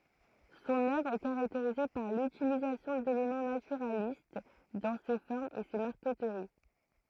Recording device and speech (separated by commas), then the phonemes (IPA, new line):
throat microphone, read sentence
sɔ̃n œvʁ ɛ kaʁakteʁize paʁ lytilizasjɔ̃ delemɑ̃ natyʁalist dɑ̃ se fɔʁmz e se maʁkətəʁi